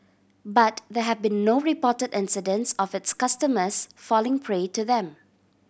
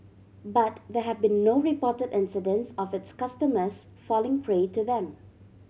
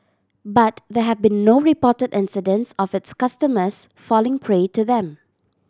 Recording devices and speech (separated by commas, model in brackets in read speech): boundary microphone (BM630), mobile phone (Samsung C7100), standing microphone (AKG C214), read sentence